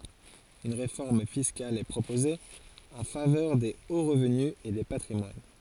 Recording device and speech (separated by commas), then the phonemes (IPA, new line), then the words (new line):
forehead accelerometer, read sentence
yn ʁefɔʁm fiskal ɛ pʁopoze ɑ̃ favœʁ de o ʁəvny e de patʁimwan
Une réforme fiscale est proposée, en faveur des hauts revenus et des patrimoines.